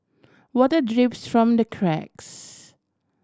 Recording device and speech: standing microphone (AKG C214), read sentence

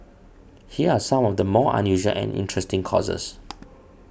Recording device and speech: boundary microphone (BM630), read sentence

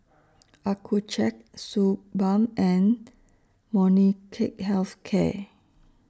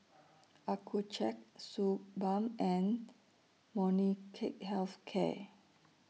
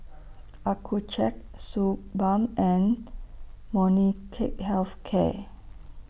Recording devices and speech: standing microphone (AKG C214), mobile phone (iPhone 6), boundary microphone (BM630), read sentence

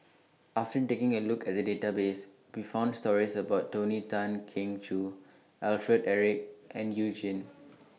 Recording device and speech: mobile phone (iPhone 6), read sentence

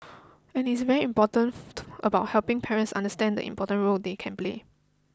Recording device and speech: close-talking microphone (WH20), read sentence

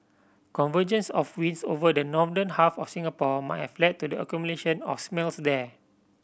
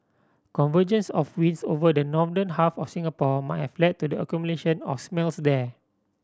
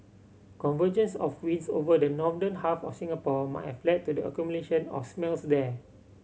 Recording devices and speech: boundary microphone (BM630), standing microphone (AKG C214), mobile phone (Samsung C7100), read sentence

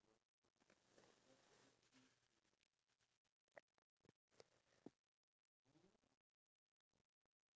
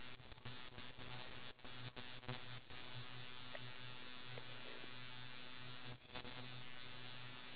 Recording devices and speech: standing microphone, telephone, conversation in separate rooms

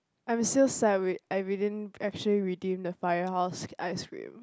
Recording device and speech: close-talking microphone, conversation in the same room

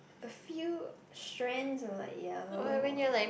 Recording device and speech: boundary microphone, conversation in the same room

